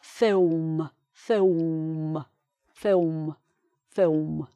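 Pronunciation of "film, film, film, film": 'Film' is said four times in a Cockney accent.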